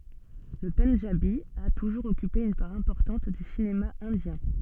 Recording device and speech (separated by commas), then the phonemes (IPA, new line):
soft in-ear microphone, read sentence
lə pɑ̃dʒabi a tuʒuʁz ɔkype yn paʁ ɛ̃pɔʁtɑ̃t dy sinema ɛ̃djɛ̃